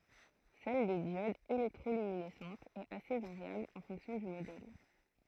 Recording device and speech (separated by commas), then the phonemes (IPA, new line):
throat microphone, read sentence
sɛl de djodz elɛktʁolyminɛsɑ̃tz ɛt ase vaʁjabl ɑ̃ fɔ̃ksjɔ̃ dy modɛl